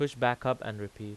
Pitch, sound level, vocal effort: 120 Hz, 89 dB SPL, normal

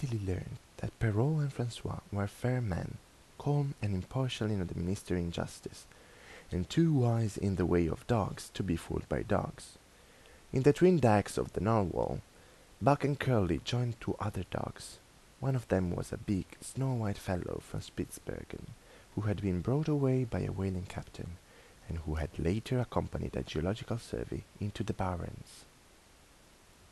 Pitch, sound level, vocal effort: 105 Hz, 78 dB SPL, soft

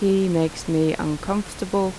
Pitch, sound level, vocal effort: 190 Hz, 82 dB SPL, normal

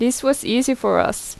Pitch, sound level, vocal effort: 255 Hz, 83 dB SPL, normal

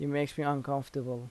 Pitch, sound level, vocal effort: 140 Hz, 81 dB SPL, soft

